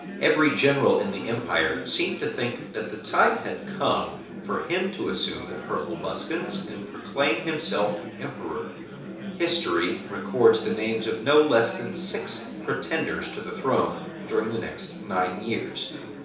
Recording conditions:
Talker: one person; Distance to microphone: 3.0 m; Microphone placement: far; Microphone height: 1.8 m; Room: small (3.7 m by 2.7 m); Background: babble

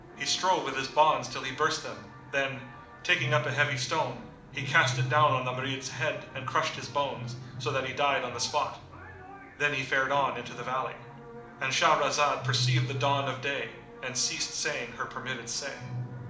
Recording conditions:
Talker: one person; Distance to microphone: 2.0 m; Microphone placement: close; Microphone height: 99 cm; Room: medium-sized (5.7 m by 4.0 m); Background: television

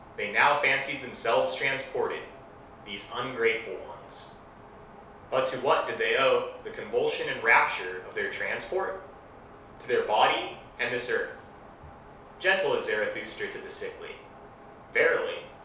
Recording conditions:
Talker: one person; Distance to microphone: 3.0 m; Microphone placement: far; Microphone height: 1.8 m; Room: small (3.7 m by 2.7 m); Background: none

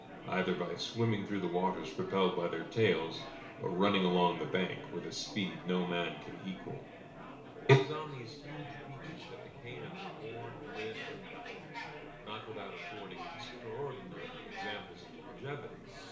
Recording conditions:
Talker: one person; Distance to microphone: 1.0 m; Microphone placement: close; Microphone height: 1.1 m; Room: small (3.7 m by 2.7 m); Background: babble

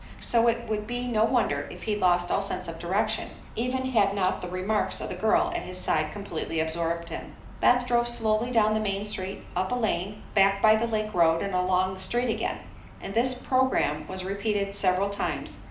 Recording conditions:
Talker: one person; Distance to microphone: 2.0 m; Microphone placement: close; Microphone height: 99 cm; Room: medium-sized (5.7 m by 4.0 m); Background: none

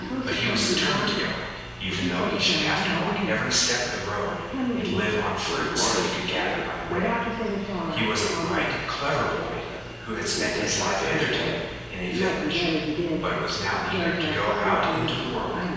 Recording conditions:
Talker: one person; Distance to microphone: 7.1 m; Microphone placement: far; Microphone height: 1.7 m; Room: very reverberant, large; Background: television

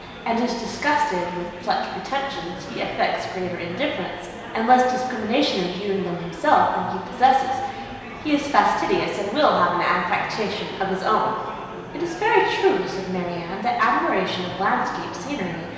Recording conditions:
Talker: one person; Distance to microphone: 1.7 m; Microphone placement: close; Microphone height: 1.0 m; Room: very reverberant, large; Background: babble

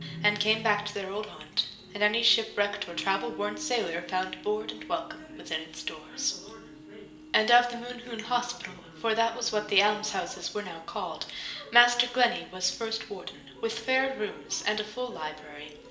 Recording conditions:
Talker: one person; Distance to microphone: 1.8 m; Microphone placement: close; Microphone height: 1.0 m; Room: large; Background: television

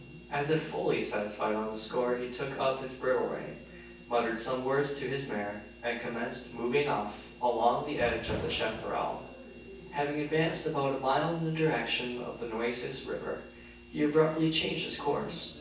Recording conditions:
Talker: one person; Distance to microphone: 9.8 m; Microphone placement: far; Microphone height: 1.8 m; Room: large; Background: none

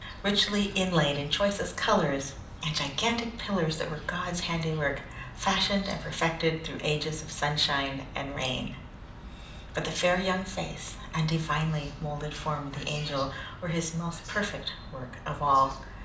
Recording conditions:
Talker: one person; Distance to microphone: 2.0 m; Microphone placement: close; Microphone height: 99 cm; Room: medium-sized (5.7 m by 4.0 m); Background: television

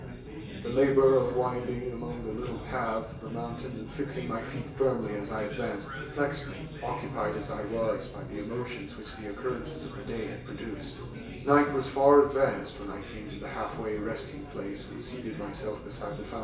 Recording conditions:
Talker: one person; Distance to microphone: 1.8 m; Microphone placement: close; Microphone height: 1.0 m; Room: large; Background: babble

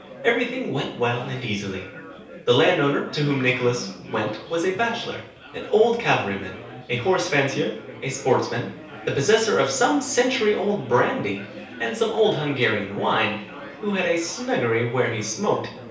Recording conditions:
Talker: one person; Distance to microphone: 3.0 m; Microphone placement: far; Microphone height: 1.8 m; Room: small (3.7 m by 2.7 m); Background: babble

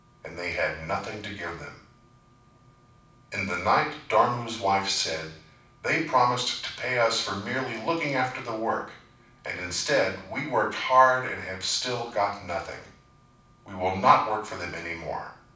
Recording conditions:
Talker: one person; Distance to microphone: 5.8 m; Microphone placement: far; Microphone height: 1.8 m; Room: medium-sized (5.7 m by 4.0 m); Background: none

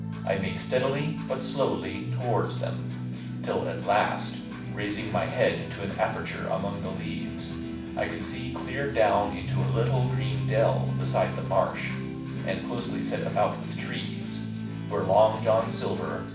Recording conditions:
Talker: one person; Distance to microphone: 5.8 m; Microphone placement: far; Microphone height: 1.8 m; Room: medium-sized (5.7 m by 4.0 m); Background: music

